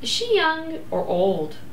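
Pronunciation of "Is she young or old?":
The question "Is she young or old?" is said with a rising and falling intonation.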